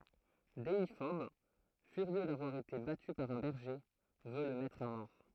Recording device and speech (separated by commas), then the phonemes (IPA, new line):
throat microphone, read sentence
deifɔb fyʁjø davwaʁ ete baty paʁ œ̃ bɛʁʒe vø lə mɛtʁ a mɔʁ